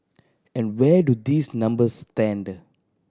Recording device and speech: standing microphone (AKG C214), read sentence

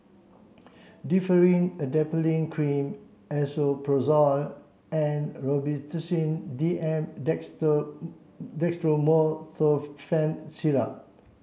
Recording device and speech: mobile phone (Samsung C7), read sentence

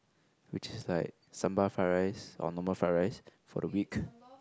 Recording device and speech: close-talking microphone, conversation in the same room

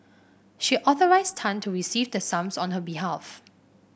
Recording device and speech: boundary microphone (BM630), read sentence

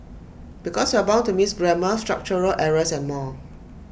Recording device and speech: boundary microphone (BM630), read sentence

